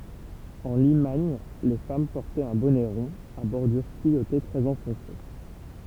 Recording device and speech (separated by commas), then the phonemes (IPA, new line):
temple vibration pickup, read sentence
ɑ̃ limaɲ le fam pɔʁtɛt œ̃ bɔnɛ ʁɔ̃ a bɔʁdyʁ tyijote tʁɛz ɑ̃fɔ̃se